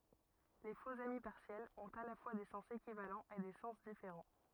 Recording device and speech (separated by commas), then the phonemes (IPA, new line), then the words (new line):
rigid in-ear microphone, read sentence
le foksami paʁsjɛlz ɔ̃t a la fwa de sɑ̃s ekivalɑ̃z e de sɑ̃s difeʁɑ̃
Les faux-amis partiels ont à la fois des sens équivalents et des sens différents.